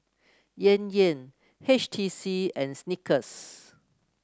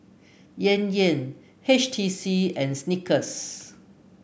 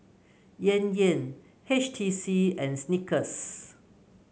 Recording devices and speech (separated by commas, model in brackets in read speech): close-talking microphone (WH30), boundary microphone (BM630), mobile phone (Samsung C9), read sentence